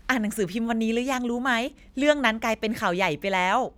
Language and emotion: Thai, happy